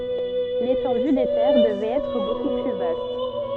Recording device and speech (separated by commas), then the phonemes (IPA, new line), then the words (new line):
soft in-ear microphone, read sentence
letɑ̃dy de tɛʁ dəvɛt ɛtʁ boku ply vast
L'étendue des terres devait être beaucoup plus vaste.